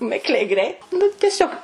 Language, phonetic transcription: Lithuanian, ˈmikliai ˈgreit nu teˈsiog

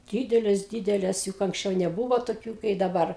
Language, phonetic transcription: Lithuanian, ˈdydelės ˈdydelės juk anksˈčiau neˈbūvo toˈkių kai daˈbar

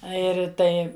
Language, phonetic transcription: Lithuanian, ˈa ir ˈtai

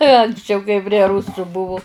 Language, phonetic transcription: Lithuanian, anksˈčiau kai prie ˈrusu ˈbuvu

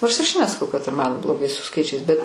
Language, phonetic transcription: Lithuanian, nors ir aš nesaˈkau kad ir man bloˈgai su ˈskaičiais bet

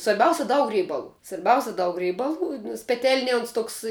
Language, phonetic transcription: Lithuanian, svarˈbiausia ˈdaug ˈreibalų svarˈbiausia daug ˈreibalų nes peˈtelnie ons ˈtoks

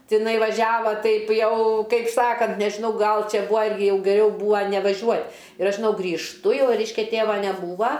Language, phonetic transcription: Lithuanian, tiˈnai vaˈžiava ˈtaip ˈjau ˈkaip ˈsakant nežiˈnau ˈgal ˈčia ˈbua ˈirgi ˈjau geˈriau ˈbūa nevaˈžiuot' ir ˈaš žiˈnau grįžˈtu ˈjau ˈreiškia ˈtėva neˈbūva

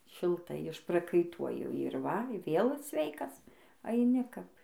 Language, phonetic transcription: Lithuanian, šilˈtai išprakaiˈtuoji ir ˈva ˈvėl ˈsveikas aiˈni kap

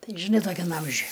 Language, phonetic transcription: Lithuanian, ˈtai žiˈnai toˈkiam ˈamžiuj

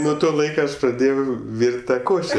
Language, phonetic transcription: Lithuanian, nuo ˈto ˈlaiko ˈaš praˈdėjau ˈvyr't' ˈtą ˈkoše

